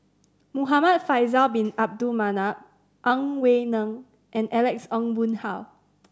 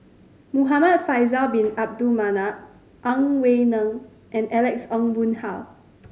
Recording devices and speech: standing microphone (AKG C214), mobile phone (Samsung C5010), read sentence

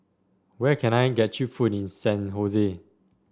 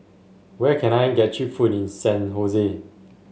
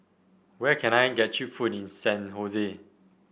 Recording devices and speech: standing microphone (AKG C214), mobile phone (Samsung S8), boundary microphone (BM630), read sentence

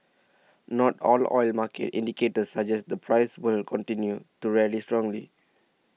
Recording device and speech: mobile phone (iPhone 6), read sentence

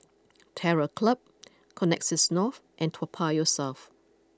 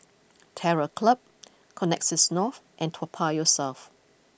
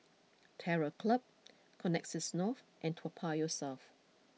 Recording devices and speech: close-talking microphone (WH20), boundary microphone (BM630), mobile phone (iPhone 6), read sentence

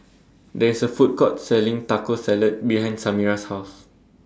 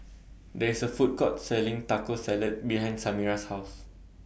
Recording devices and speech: standing microphone (AKG C214), boundary microphone (BM630), read sentence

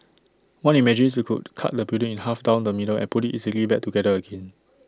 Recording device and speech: standing microphone (AKG C214), read sentence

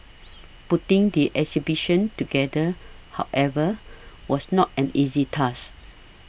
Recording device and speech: boundary microphone (BM630), read sentence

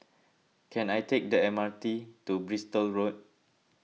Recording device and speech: mobile phone (iPhone 6), read sentence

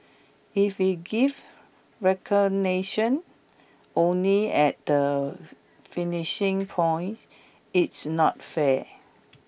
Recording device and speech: boundary microphone (BM630), read sentence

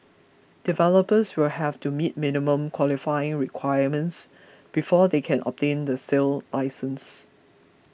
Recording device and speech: boundary microphone (BM630), read sentence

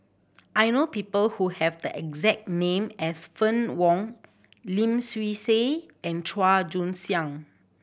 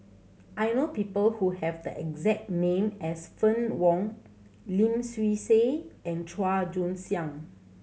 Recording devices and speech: boundary microphone (BM630), mobile phone (Samsung C7100), read sentence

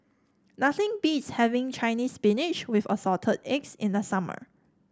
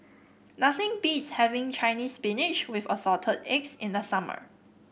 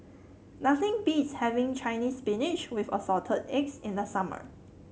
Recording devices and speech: standing microphone (AKG C214), boundary microphone (BM630), mobile phone (Samsung C7), read sentence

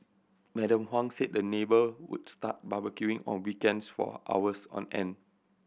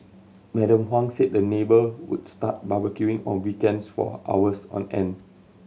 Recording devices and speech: boundary microphone (BM630), mobile phone (Samsung C7100), read sentence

